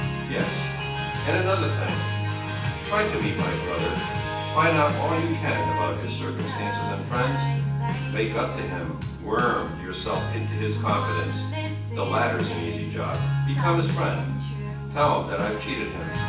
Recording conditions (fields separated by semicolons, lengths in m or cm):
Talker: one person; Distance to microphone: 9.8 m; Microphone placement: far; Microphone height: 1.8 m; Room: large; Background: music